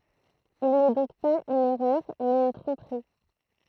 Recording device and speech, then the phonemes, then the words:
throat microphone, read sentence
il nɛ dɔ̃k paz yn ɛʁœʁ mɛz yn tʁɔ̃pʁi
Il n’est donc pas une erreur, mais une tromperie.

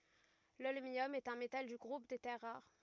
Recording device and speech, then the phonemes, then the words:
rigid in-ear microphone, read sentence
lɔlmjɔm ɛt œ̃ metal dy ɡʁup de tɛʁ ʁaʁ
L'holmium est un métal du groupe des terres rares.

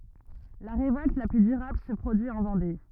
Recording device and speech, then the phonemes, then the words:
rigid in-ear microphone, read sentence
la ʁevɔlt la ply dyʁabl sə pʁodyi ɑ̃ vɑ̃de
La révolte la plus durable se produit en Vendée.

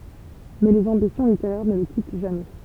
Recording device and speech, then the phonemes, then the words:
temple vibration pickup, read sentence
mɛ lez ɑ̃bisjɔ̃ liteʁɛʁ nə lə kit ʒamɛ
Mais les ambitions littéraires ne le quittent jamais.

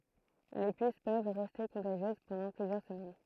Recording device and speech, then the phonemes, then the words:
throat microphone, read sentence
le pys pøv ʁɛste kɔ̃taʒjøz pɑ̃dɑ̃ plyzjœʁ səmɛn
Les puces peuvent rester contagieuses pendant plusieurs semaines.

